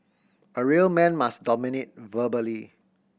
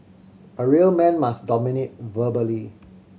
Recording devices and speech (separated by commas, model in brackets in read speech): boundary microphone (BM630), mobile phone (Samsung C7100), read sentence